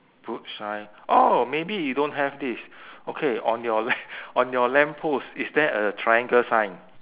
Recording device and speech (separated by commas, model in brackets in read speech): telephone, conversation in separate rooms